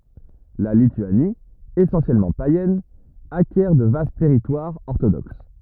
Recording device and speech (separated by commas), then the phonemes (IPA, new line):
rigid in-ear microphone, read sentence
la lityani esɑ̃sjɛlmɑ̃ pajɛn akjɛʁ də vast tɛʁitwaʁz ɔʁtodoks